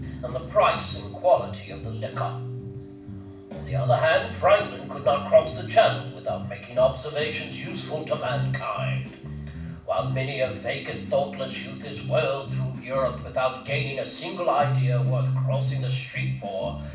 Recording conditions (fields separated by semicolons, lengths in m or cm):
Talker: one person; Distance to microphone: 5.8 m; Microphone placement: far; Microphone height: 1.8 m; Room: medium-sized (5.7 m by 4.0 m); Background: music